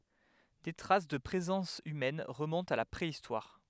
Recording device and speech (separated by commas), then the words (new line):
headset microphone, read sentence
Des traces de présence humaines remontent à la préhistoire.